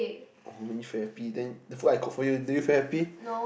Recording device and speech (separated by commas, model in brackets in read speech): boundary microphone, conversation in the same room